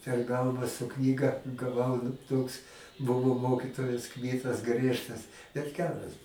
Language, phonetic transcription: Lithuanian, per ˈgalvą su ˈknyga gaˈvau nu ˈtoks ˈbuvo ˈmokitojas ˈkmytas ˈgriežtas bet ˈgeras

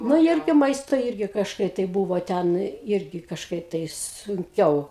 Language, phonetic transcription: Lithuanian, ˈnu ˈirgi ˈmaisto ˈirgi kažˈkaip tai ˈbūvo ˈten ˈirgi kažˈkaip tai sunˈkiau

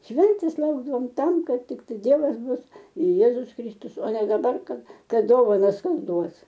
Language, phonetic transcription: Lithuanian, ˈšventės ˈlaukdavom ˈtam ˈkad ˈtiktai ˈdievas ˈbus ir ˈjėzus ˈkristus o ne daˈbar ˈkad ˈkad ˈdovanas ˈkas ˈduos

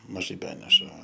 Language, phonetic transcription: Lithuanian, maˈžai ˈbeneša

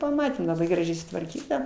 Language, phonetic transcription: Lithuanian, paˈmatėm laˈbai graˈžiai sutvarˈkyta

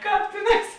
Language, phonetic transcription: Lithuanian, ˈkāp ˈtėˌnās

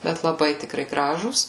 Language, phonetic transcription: Lithuanian, ˈbet laˈbai tikˈrai ˈgražūs

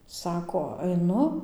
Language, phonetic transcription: Lithuanian, ˈsako aiˈnu

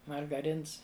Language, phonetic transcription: Lithuanian, margaˈrins

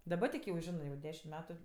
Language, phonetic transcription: Lithuanian, ˈdaba tik jau ˈžinɜ jau ˈdešim ˈmetu

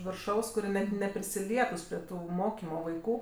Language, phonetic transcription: Lithuanian, virˈšaus kuˈrie net neprisiˈlietus prie ˈtų ˈmokymo vaiˈkų

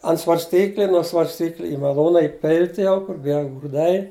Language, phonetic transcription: Lithuanian, ant svarsˈtykli nuo svarsˈtykli i maˈlūna iˈpilt' jau kur ˈviel grūˈdai

